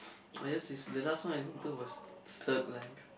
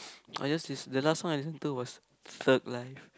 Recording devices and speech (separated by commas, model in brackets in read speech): boundary microphone, close-talking microphone, conversation in the same room